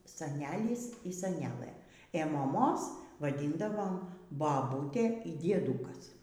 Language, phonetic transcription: Lithuanian, saˈnelis y saˈnelɘ ė moˈmos vaˈdyndavom baˈbūtė y dieˈdūkas

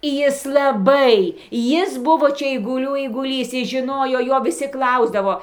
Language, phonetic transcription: Lithuanian, ˈjis laˈbai ˈjis ˈbuvo ˈčia eiguˈlių eiguˈlys ˈjis žiˈnojo ˈjo viˈsi ˈklausdavo

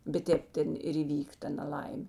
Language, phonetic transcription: Lithuanian, bet ˈtėp ˈten ir įˈvyk ˈta naˈlaimė

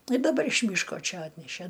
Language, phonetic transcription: Lithuanian, i daˈbar iš ˈmyško ˈčia ˈatnešæ

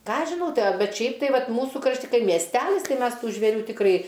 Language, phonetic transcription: Lithuanian, ˈką aš žiˈnau ˈtai aˈbet ˈšiaip tai ˈvat ˈmūsu krašˈti ˈkai miesˈtælis ˈtai ˈmes ˈtų žvėˈrių tikˈrai

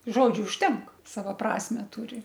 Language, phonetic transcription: Lithuanian, ˈžodžiu užˈtenk ˈsavo ˈprasme ˈturi

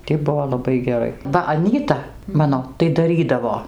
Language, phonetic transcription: Lithuanian, tį ˈbuvo laˈbai geˈrai ˈva aˈnyta ˈmano tai daˈrydavo

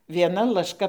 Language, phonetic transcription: Lithuanian, vieˈna lašˈka

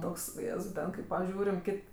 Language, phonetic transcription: Lithuanian, ˈtoks uˈjėzau ˈten kai paˈžiūrim ˈkit'

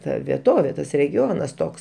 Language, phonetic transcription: Lithuanian, ˈta vieˈtovė ˈtas regiˈonas ˈtoks

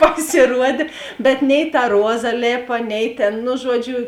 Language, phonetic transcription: Lithuanian, pasėˈruodė bet nei ta ˈruoza ˈlėpa ˈnei tėn nu ˈžuoˌdžiu

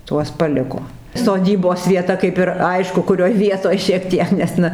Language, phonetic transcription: Lithuanian, ˈtuos paˈliko soˈdybos vieˈta kaip ir ˈaišku kuˈrioj ˈvietoj šiek ˈtiek nes ˈna

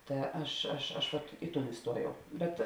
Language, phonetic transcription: Lithuanian, ˈta ˈaš aš aš ˈvat ˈi ˌtūn iˈstuojau ˈbet

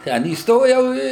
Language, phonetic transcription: Lithuanian, ˈten įsˈtojau ˈi

